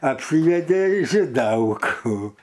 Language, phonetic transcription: Lithuanian, apˈsyvedė žiˈdelkų

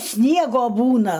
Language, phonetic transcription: Lithuanian, ˈsniego ˈbūna

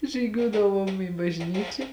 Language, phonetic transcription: Lithuanian, žyˈgiuodavuom į bažˈnyčia

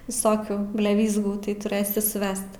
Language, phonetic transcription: Lithuanian, viˈsokių bleˈvyzgų tai tuˈrɘsi suˈvest

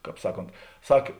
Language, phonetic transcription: Lithuanian, ˈkāp ˈsaˌkont ˈsak

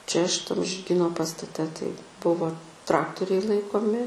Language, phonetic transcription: Lithuanian, čia šiˈtam žirˈgyno pastaˈte tai ˈbuvo ˈtraktoriai ˈlaikomi

